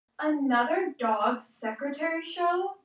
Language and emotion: English, sad